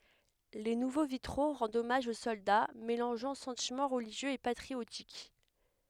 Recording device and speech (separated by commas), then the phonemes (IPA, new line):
headset microphone, read sentence
le nuvo vitʁo ʁɑ̃dt ɔmaʒ o sɔlda melɑ̃ʒɑ̃ sɑ̃timɑ̃ ʁəliʒjøz e patʁiotik